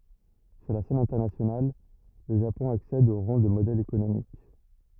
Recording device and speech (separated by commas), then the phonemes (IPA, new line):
rigid in-ear microphone, read sentence
syʁ la sɛn ɛ̃tɛʁnasjonal lə ʒapɔ̃ aksɛd o ʁɑ̃ də modɛl ekonomik